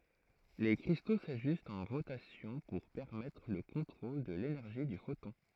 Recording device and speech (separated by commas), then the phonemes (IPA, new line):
throat microphone, read sentence
le kʁisto saʒystt ɑ̃ ʁotasjɔ̃ puʁ pɛʁmɛtʁ lə kɔ̃tʁol də lenɛʁʒi dy fotɔ̃